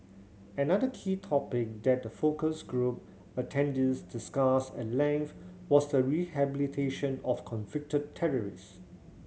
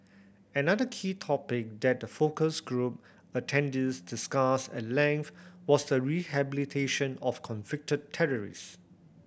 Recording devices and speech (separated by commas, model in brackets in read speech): mobile phone (Samsung C7100), boundary microphone (BM630), read sentence